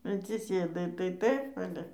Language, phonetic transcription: Lithuanian, atsiˈsėdai tai ˈtaip ˈale

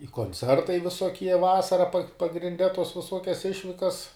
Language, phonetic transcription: Lithuanian, i konˈcertai visoˈkie ˈvasara pa pagrinˈde tos viˈsokias ˈišvikas

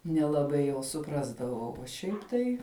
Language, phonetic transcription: Lithuanian, nelaˈbai jau suˈprasdavau o ˈšiaip tai

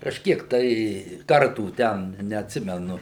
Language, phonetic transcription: Lithuanian, kažˈkiek tai ˈkartų ˈten neatˈsimenu

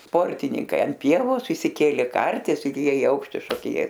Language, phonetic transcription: Lithuanian, ˈsportininkai anˈpievos išsiˈkėlė ˈkartis ir ˈjie i ˈaukšti šokiˈnės

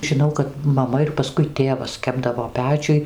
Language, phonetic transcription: Lithuanian, žiˈnau kad maˈma ir paˈskui ˈtėvas ˈkepdavo ˈpečiuj

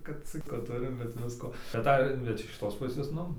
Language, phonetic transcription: Lithuanian, kad ˈcik ˈva ˈturim bet ˈvisko taˈda bet iš kiˈtos ˈpusės ˈnu

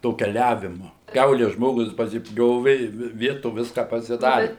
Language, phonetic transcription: Lithuanian, to keˈliavimu ˈkiaule ˈžmogus pasiˈpjovi i ˈvi ˈvieto ˈviska pasiˈdari

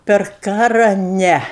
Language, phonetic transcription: Lithuanian, per ˈkara ˈne

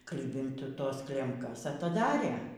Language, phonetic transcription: Lithuanian, ˈklibint ˈtos ˈklemkas ataˈdarė

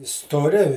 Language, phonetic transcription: Lithuanian, stoˈri

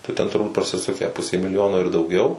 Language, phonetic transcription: Lithuanian, tai ˈten turˈbūt prasiˈsukę pusė miliˈjono ir dauˈgiau

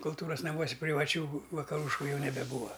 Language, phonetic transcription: Lithuanian, kulˈtūras naˈmuosi privaˈčių vakaˈrūšku ˈjau nebeˈbūva

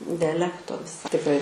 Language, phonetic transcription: Lithuanian, diaˈlekto tikˈrai

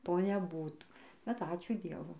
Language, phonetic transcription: Lithuanian, ˈto neˈbūtų bet ˈačiū ˈdievu

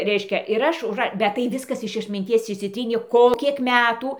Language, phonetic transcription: Lithuanian, ˈreiškia ir ˈaš užˈra bet tai ˈviskas iš atminˈties išsiˈtrynė ˈko ˈkiek ˈmetų

